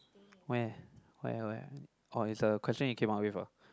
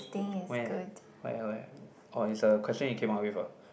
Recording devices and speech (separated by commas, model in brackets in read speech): close-talking microphone, boundary microphone, conversation in the same room